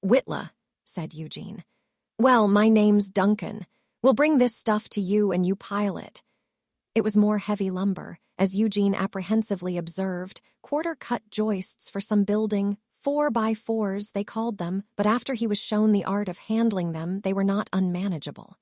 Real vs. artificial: artificial